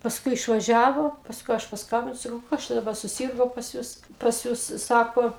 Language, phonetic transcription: Lithuanian, pasˈkui išvaˈžiavo pasˈkui ˈaš pasˈkambinu saˈkau ˈkas čia daˈba suˈsyrgo pas ˈjus pas ˈjus ˈsako

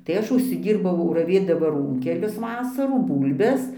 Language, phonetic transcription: Lithuanian, tai ˈaš užsiˈdyrbau raˈvėdama ˈrūnkelius ˈvasarų ˈbūlbes

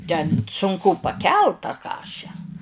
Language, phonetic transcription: Lithuanian, ten sunˈku paˈkelt ta ˈkaše

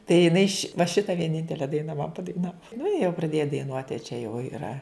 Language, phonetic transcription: Lithuanian, tai jiˈnai ši va ˈšita vieˈnintele ˈdaina man padaiˈnavo nu i jau praˈdėja daiˈnuot' a čia jau yˈra

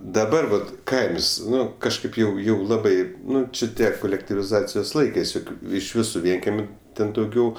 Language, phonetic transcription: Lithuanian, daˈbar vat ˈkaims ˈnu kažˈkaip jau ˈjau ˈlabai ˈnu či ˈtie kolektiviˈzacijos ˈlaikɜs joˈkių ˈiš ˈvisu ˈvienkemiu ˈten dauˈgiau

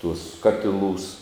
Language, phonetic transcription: Lithuanian, tuos ˈkatiˌlūs

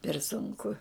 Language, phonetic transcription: Lithuanian, per sunˈku

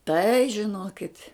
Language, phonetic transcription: Lithuanian, tai žiˈnokit'

